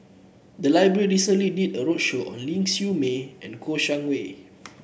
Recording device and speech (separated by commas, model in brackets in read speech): boundary microphone (BM630), read sentence